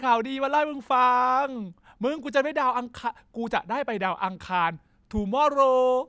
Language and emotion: Thai, happy